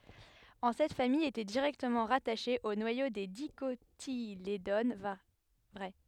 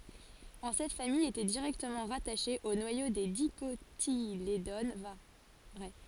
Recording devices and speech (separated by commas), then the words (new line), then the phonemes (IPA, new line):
headset microphone, forehead accelerometer, read sentence
En cette famille était directement rattachée au noyau des Dicotylédones vraies.
ɑ̃ sɛt famij etɛ diʁɛktəmɑ̃ ʁataʃe o nwajo de dikotiledon vʁɛ